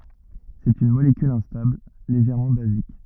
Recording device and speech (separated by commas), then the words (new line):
rigid in-ear microphone, read sentence
C'est une molécule instable, légèrement basique.